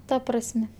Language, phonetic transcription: Lithuanian, ˈta prasˈme

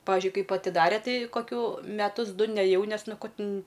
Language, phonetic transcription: Lithuanian, ˈpavižiui ˈkaip atiˈdare ˈtai koˈkių meˈtus ˈdu neˈjau ˈnes ˈnu ˈko ˈtin

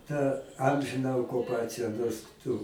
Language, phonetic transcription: Lithuanian, ta ˈamžina okuˈpacija nors ˈtu

